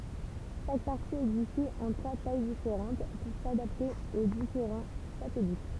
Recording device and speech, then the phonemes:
temple vibration pickup, read sentence
ʃak paʁti ɛɡzistɛt ɑ̃ tʁwa taj difeʁɑ̃t puʁ sadapte o difeʁɑ̃ satɛlit

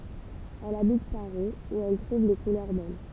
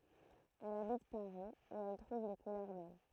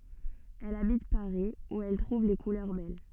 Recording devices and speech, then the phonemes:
temple vibration pickup, throat microphone, soft in-ear microphone, read sentence
ɛl abit paʁi u ɛl tʁuv le kulœʁ bɛl

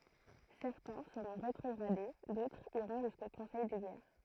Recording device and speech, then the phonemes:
throat microphone, read sentence
sɛʁtɛ̃ səʁɔ̃ ʁetʁɔɡʁade dotʁz iʁɔ̃ ʒysko kɔ̃sɛj də ɡɛʁ

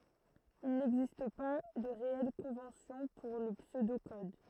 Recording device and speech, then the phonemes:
throat microphone, read sentence
il nɛɡzist pa də ʁeɛl kɔ̃vɑ̃sjɔ̃ puʁ lə psødo kɔd

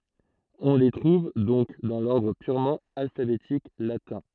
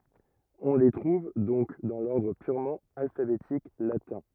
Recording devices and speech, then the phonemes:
throat microphone, rigid in-ear microphone, read sentence
ɔ̃ le tʁuv dɔ̃k dɑ̃ lɔʁdʁ pyʁmɑ̃ alfabetik latɛ̃

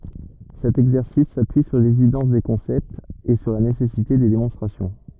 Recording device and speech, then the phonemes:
rigid in-ear microphone, read sentence
sɛt ɛɡzɛʁsis sapyi syʁ levidɑ̃s de kɔ̃sɛptz e syʁ la nesɛsite de demɔ̃stʁasjɔ̃

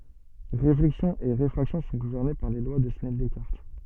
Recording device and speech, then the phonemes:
soft in-ear microphone, read sentence
ʁeflɛksjɔ̃ e ʁefʁaksjɔ̃ sɔ̃ ɡuvɛʁne paʁ le lwa də snɛl dɛskaʁt

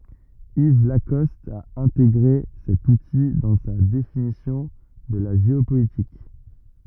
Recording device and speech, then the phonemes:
rigid in-ear microphone, read sentence
iv lakɔst a ɛ̃teɡʁe sɛt uti dɑ̃ sa definisjɔ̃ də la ʒeopolitik

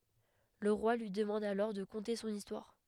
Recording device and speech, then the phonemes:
headset microphone, read sentence
lə ʁwa lyi dəmɑ̃d alɔʁ də kɔ̃te sɔ̃n istwaʁ

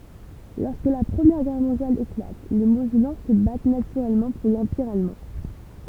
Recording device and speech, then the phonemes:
temple vibration pickup, read sentence
lɔʁskə la pʁəmjɛʁ ɡɛʁ mɔ̃djal eklat le mozɛlɑ̃ sə bat natyʁɛlmɑ̃ puʁ lɑ̃piʁ almɑ̃

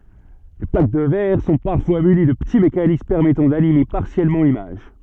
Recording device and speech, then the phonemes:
soft in-ear microphone, read sentence
le plak də vɛʁ sɔ̃ paʁfwa myni də pəti mekanism pɛʁmɛtɑ̃ danime paʁsjɛlmɑ̃ limaʒ

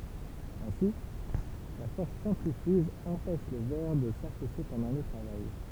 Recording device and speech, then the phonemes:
temple vibration pickup, read sentence
ɛ̃si la fɔʁs sɑ̃tʁifyʒ ɑ̃pɛʃ lə vɛʁ də safɛse pɑ̃dɑ̃ lə tʁavaj

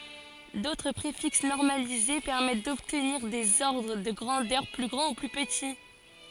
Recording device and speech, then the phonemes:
forehead accelerometer, read sentence
dotʁ pʁefiks nɔʁmalize pɛʁmɛt dɔbtniʁ dez ɔʁdʁ də ɡʁɑ̃dœʁ ply ɡʁɑ̃ u ply pəti

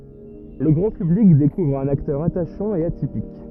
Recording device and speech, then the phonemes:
rigid in-ear microphone, read sentence
lə ɡʁɑ̃ pyblik dekuvʁ œ̃n aktœʁ ataʃɑ̃ e atipik

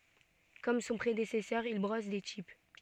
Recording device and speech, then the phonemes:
soft in-ear microphone, read sentence
kɔm sɔ̃ pʁedesɛsœʁ il bʁɔs de tip

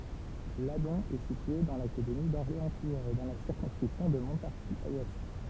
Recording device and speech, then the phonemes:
temple vibration pickup, read sentence
ladɔ̃ ɛ sitye dɑ̃ lakademi dɔʁleɑ̃stuʁz e dɑ̃ la siʁkɔ̃skʁipsjɔ̃ də mɔ̃taʁʒizwɛst

